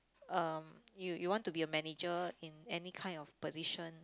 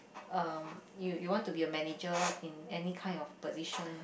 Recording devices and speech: close-talking microphone, boundary microphone, conversation in the same room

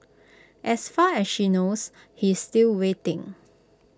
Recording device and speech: close-talking microphone (WH20), read sentence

